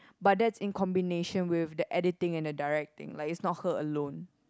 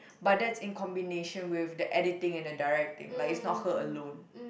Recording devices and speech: close-talking microphone, boundary microphone, conversation in the same room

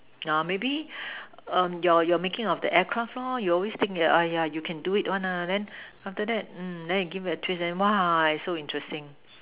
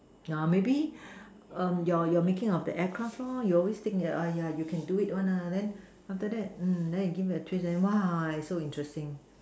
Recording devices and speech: telephone, standing microphone, conversation in separate rooms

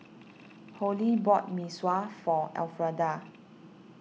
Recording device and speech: mobile phone (iPhone 6), read sentence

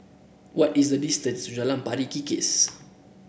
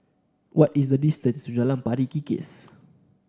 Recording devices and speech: boundary microphone (BM630), standing microphone (AKG C214), read sentence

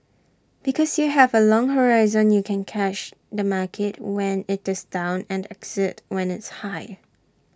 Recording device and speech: standing microphone (AKG C214), read sentence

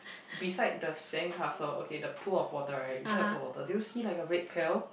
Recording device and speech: boundary microphone, conversation in the same room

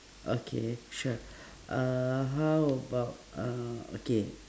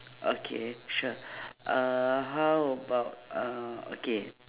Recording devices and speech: standing microphone, telephone, conversation in separate rooms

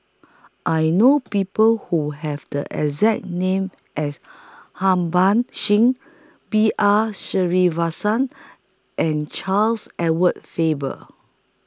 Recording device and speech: close-talking microphone (WH20), read sentence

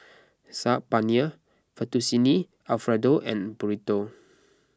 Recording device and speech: close-talking microphone (WH20), read sentence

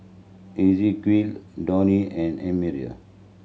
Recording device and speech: mobile phone (Samsung C7100), read sentence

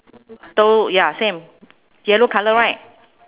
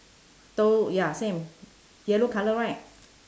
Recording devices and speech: telephone, standing microphone, conversation in separate rooms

